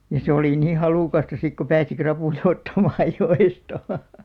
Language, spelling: Finnish, ja se oli niin halukasta sitten kun pääsi rapuja ottamaan joesta
- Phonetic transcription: ja se olì 'nii "halùkasta sik ko 'pääsi 'krapùja 'ottamaaj 'jo₍esta .

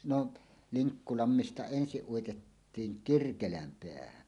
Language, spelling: Finnish, no Liŋkkulammesta ensin uitettiin Kirkelänpäähän
- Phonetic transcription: 'no , "Liŋkkulammista 'ensiˀ 'ˀuitettiiŋ "Kirkelämpeähän .

